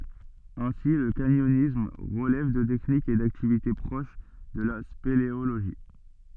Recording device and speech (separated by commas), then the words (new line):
soft in-ear microphone, read sentence
Ainsi, le canyonisme relève de techniques et d'activités proches de la spéléologie.